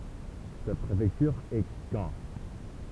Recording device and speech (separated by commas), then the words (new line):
temple vibration pickup, read sentence
Sa préfecture est Caen.